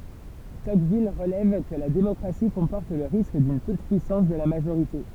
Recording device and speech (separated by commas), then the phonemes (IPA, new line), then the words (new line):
temple vibration pickup, read sentence
tɔkvil ʁəlɛv kə la demɔkʁasi kɔ̃pɔʁt lə ʁisk dyn tutəpyisɑ̃s də la maʒoʁite
Tocqueville relève que la démocratie comporte le risque d'une toute-puissance de la majorité.